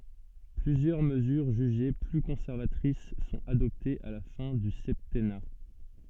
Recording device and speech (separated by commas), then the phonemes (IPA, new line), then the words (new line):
soft in-ear microphone, read sentence
plyzjœʁ məzyʁ ʒyʒe ply kɔ̃sɛʁvatʁis sɔ̃t adɔptez a la fɛ̃ dy sɛptɛna
Plusieurs mesures jugées plus conservatrices sont adoptées à la fin du septennat.